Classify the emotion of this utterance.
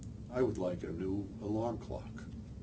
neutral